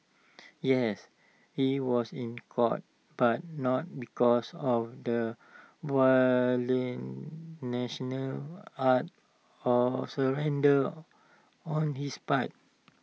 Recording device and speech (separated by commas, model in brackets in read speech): mobile phone (iPhone 6), read sentence